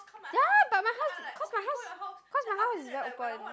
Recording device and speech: close-talking microphone, conversation in the same room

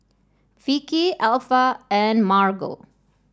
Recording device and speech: standing microphone (AKG C214), read sentence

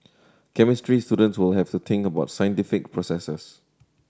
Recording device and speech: standing microphone (AKG C214), read sentence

